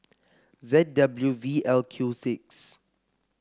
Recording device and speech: close-talking microphone (WH30), read sentence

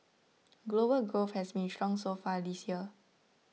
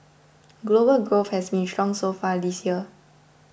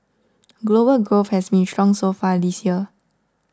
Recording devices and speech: mobile phone (iPhone 6), boundary microphone (BM630), standing microphone (AKG C214), read sentence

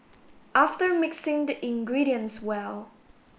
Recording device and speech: boundary microphone (BM630), read sentence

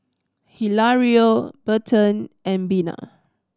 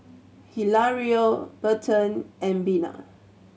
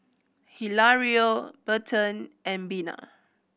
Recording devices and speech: standing microphone (AKG C214), mobile phone (Samsung C7100), boundary microphone (BM630), read sentence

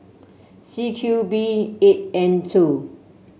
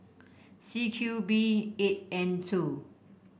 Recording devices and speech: mobile phone (Samsung C7), boundary microphone (BM630), read sentence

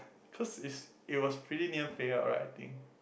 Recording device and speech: boundary microphone, conversation in the same room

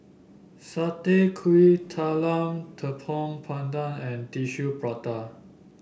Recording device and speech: boundary microphone (BM630), read sentence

